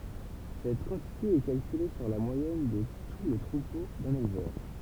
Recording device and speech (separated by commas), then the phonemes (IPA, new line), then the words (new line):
temple vibration pickup, read sentence
sɛt kɑ̃tite ɛ kalkyle syʁ la mwajɛn də tu lə tʁupo dœ̃n elvœʁ
Cette quantité est calculée sur la moyenne de tout le troupeau d'un éleveur.